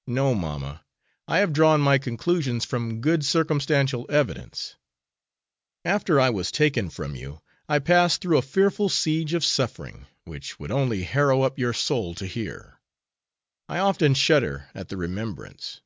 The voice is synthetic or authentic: authentic